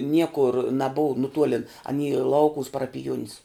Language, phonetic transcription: Lithuanian, ˈniekur naˈbuv nuˈtuolin aˈny ˈlaukuvus parapiˈjuonis

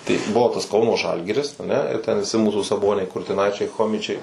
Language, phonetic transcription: Lithuanian, tai ˈbuvo tas ˈkauno ˈžalgiris aˈne ir ten viˈsi ˈmūsų saˈboniai kurtiˈnaičiai ˈchomičiai

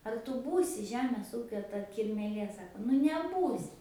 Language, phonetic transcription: Lithuanian, ar tu ˈbūsi ˈžemės ˈūkio ta kirmėˈlė ˈsako nu neˈbūsi

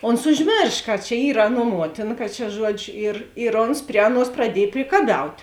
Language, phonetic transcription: Lithuanian, ˈons užˈmėrš ka čia ˈyr ˈaˌnuo ˈmuotina kad čia ˈžuodžiu ir ir ˈons ˈpri aˌnuos praˈdiej prikaˈbiaut'

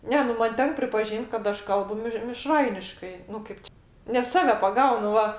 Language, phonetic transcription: Lithuanian, ˈne nu ˈman ˈtenk pripaˈžyn't' kad ˈaš ˈkalbu miš miˈšrainiškai nu ˈkaip či nes ˈsave paˈgaunu ˈva

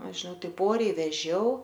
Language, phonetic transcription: Lithuanian, ˈaš žiˈnau ˈtaip ˈoriai veˈžiau

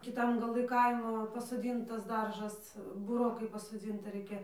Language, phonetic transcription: Lithuanian, kiˈtam gaˈlɨ ˈkaimo pasoˈdyntas ˈdaržas buˈrokai pasoˈdzinta ˈraikia

